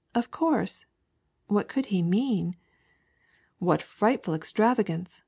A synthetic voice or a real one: real